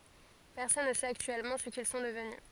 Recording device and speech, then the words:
forehead accelerometer, read sentence
Personne ne sait actuellement ce qu'ils sont devenus.

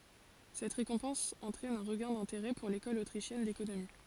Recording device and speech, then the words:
forehead accelerometer, read sentence
Cette récompense entraîne un regain d'intérêt pour l'école autrichienne d'économie.

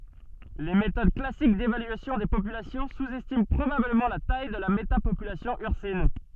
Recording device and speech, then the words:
soft in-ear microphone, read sentence
Les méthodes classique d'évaluation des populations sous-estiment probablement la taille de la métapopulation ursine.

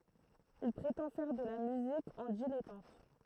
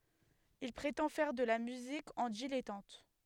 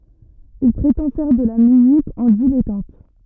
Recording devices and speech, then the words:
throat microphone, headset microphone, rigid in-ear microphone, read sentence
Il prétend faire de la musique en dilettante.

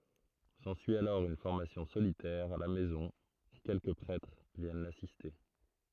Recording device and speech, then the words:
throat microphone, read sentence
S'ensuit alors une formation solitaire, à la maison, où quelques prêtres viennent l'assister.

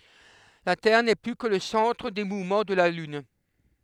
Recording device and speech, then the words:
headset microphone, read sentence
La Terre n'est plus que le centre des mouvements de la Lune.

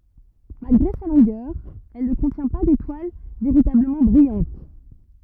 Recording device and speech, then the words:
rigid in-ear microphone, read sentence
Malgré sa longueur, elle ne contient pas d'étoile véritablement brillante.

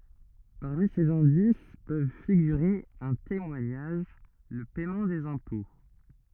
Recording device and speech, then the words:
rigid in-ear microphone, read sentence
Parmi ces indices peuvent figurer un témoignage, le paiement des impôts...

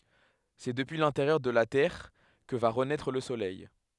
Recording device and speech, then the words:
headset microphone, read sentence
C'est depuis l'intérieur de la Terre que va renaître le soleil.

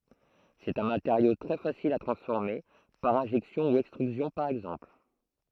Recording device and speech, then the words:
throat microphone, read sentence
C'est un matériau très facile à transformer, par injection ou extrusion par exemple.

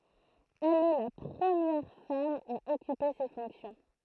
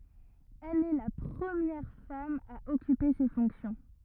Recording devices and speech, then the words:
throat microphone, rigid in-ear microphone, read sentence
Elle est la première femme à occuper ces fonctions.

